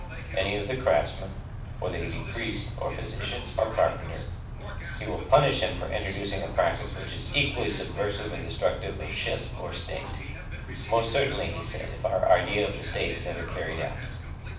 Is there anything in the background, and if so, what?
A television.